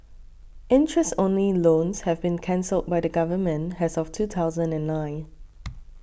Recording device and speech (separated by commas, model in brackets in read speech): boundary microphone (BM630), read sentence